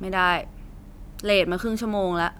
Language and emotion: Thai, frustrated